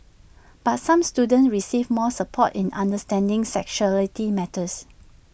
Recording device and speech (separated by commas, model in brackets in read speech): boundary microphone (BM630), read sentence